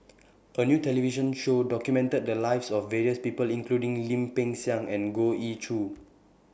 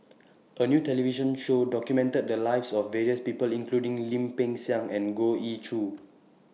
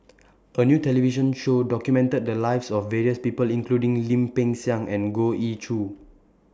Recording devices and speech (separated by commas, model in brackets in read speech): boundary microphone (BM630), mobile phone (iPhone 6), standing microphone (AKG C214), read sentence